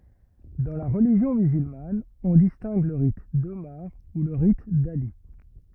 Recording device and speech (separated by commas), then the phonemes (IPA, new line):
rigid in-ear microphone, read sentence
dɑ̃ la ʁəliʒjɔ̃ myzylman ɔ̃ distɛ̃ɡ lə ʁit domaʁ u lə ʁit dali